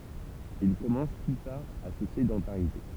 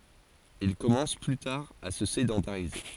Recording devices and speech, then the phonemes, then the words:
temple vibration pickup, forehead accelerometer, read sentence
il kɔmɑ̃s ply taʁ a sə sedɑ̃taʁize
Ils commencent plus tard à se sédentariser.

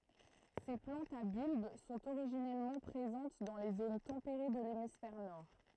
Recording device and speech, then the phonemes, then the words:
throat microphone, read sentence
se plɑ̃tz a bylb sɔ̃t oʁiʒinɛlmɑ̃ pʁezɑ̃t dɑ̃ le zon tɑ̃peʁe də lemisfɛʁ nɔʁ
Ces plantes à bulbe sont originellement présentes dans les zones tempérées de l'hémisphère nord.

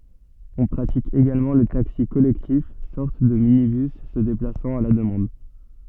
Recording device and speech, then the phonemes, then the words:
soft in-ear microphone, read sentence
ɔ̃ pʁatik eɡalmɑ̃ lə taksi kɔlɛktif sɔʁt də minibys sə deplasɑ̃t a la dəmɑ̃d
On pratique également le taxi collectif, sorte de minibus se déplaçant à la demande.

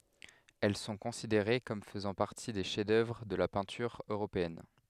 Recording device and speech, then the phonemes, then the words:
headset microphone, read sentence
ɛl sɔ̃ kɔ̃sideʁe kɔm fəzɑ̃ paʁti de ʃɛf dœvʁ də la pɛ̃tyʁ øʁopeɛn
Elles sont considérées comme faisant partie des chefs-d’œuvre de la peinture européenne.

